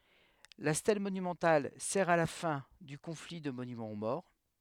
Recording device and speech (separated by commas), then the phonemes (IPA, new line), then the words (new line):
headset microphone, read sentence
la stɛl monymɑ̃tal sɛʁ a la fɛ̃ dy kɔ̃fli də monymɑ̃ o mɔʁ
La stèle monumentale sert à la fin du conflit de monument aux morts.